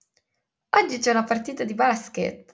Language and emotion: Italian, happy